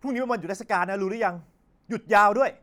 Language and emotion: Thai, angry